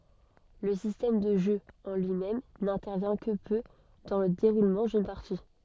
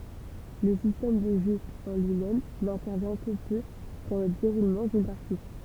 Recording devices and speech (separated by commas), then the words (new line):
soft in-ear microphone, temple vibration pickup, read sentence
Le système de jeu en lui-même n'intervient que peu dans le déroulement d'une partie.